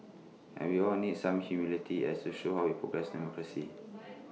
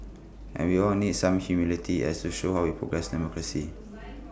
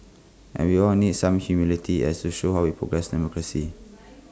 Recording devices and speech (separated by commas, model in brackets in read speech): mobile phone (iPhone 6), boundary microphone (BM630), close-talking microphone (WH20), read sentence